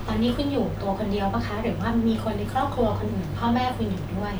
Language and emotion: Thai, neutral